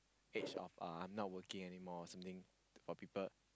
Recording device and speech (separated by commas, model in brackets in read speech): close-talking microphone, conversation in the same room